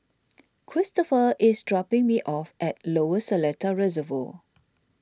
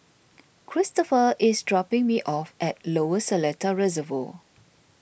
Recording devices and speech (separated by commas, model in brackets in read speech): standing microphone (AKG C214), boundary microphone (BM630), read sentence